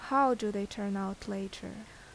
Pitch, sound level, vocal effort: 205 Hz, 79 dB SPL, normal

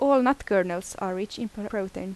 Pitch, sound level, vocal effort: 205 Hz, 83 dB SPL, normal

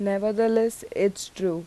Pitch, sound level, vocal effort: 200 Hz, 84 dB SPL, normal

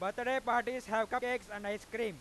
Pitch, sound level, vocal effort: 235 Hz, 105 dB SPL, very loud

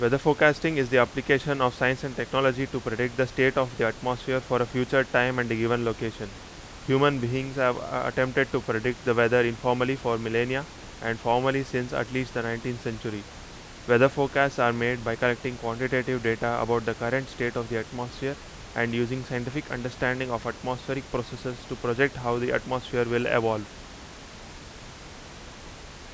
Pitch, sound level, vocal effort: 125 Hz, 89 dB SPL, very loud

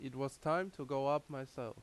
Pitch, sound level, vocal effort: 135 Hz, 86 dB SPL, loud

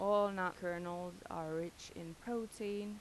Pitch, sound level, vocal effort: 180 Hz, 86 dB SPL, normal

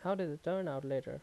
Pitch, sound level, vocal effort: 175 Hz, 82 dB SPL, normal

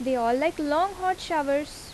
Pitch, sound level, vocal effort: 305 Hz, 85 dB SPL, loud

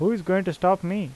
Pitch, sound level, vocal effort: 185 Hz, 86 dB SPL, normal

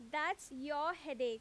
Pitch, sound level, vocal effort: 295 Hz, 91 dB SPL, very loud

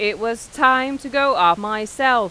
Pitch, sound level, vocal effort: 235 Hz, 97 dB SPL, loud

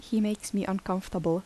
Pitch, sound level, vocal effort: 195 Hz, 77 dB SPL, soft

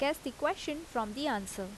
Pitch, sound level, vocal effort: 275 Hz, 81 dB SPL, normal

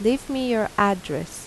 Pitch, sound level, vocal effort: 205 Hz, 83 dB SPL, normal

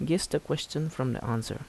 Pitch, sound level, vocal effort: 130 Hz, 78 dB SPL, soft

